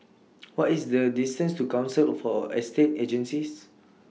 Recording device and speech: mobile phone (iPhone 6), read sentence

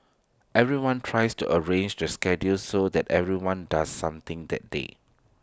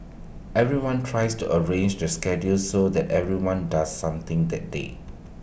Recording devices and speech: standing microphone (AKG C214), boundary microphone (BM630), read sentence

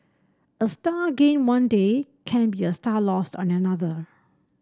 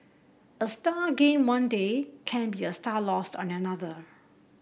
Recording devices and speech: standing microphone (AKG C214), boundary microphone (BM630), read sentence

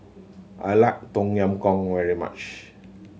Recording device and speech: mobile phone (Samsung C7100), read sentence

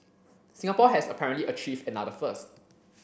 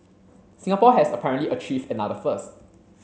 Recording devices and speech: boundary microphone (BM630), mobile phone (Samsung C7), read sentence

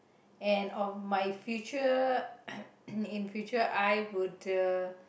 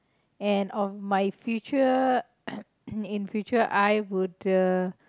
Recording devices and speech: boundary microphone, close-talking microphone, conversation in the same room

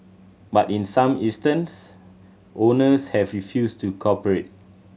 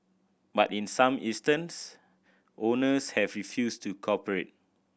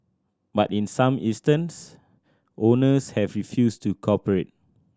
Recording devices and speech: mobile phone (Samsung C7100), boundary microphone (BM630), standing microphone (AKG C214), read sentence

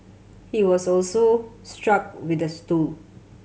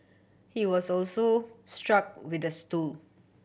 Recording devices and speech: mobile phone (Samsung C7100), boundary microphone (BM630), read sentence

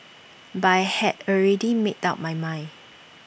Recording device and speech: boundary microphone (BM630), read sentence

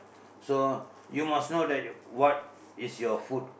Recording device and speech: boundary microphone, conversation in the same room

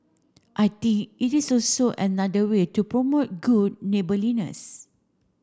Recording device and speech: standing microphone (AKG C214), read sentence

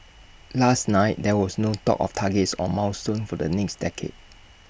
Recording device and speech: boundary microphone (BM630), read sentence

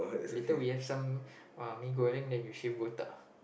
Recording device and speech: boundary microphone, conversation in the same room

